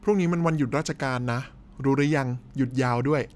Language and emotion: Thai, neutral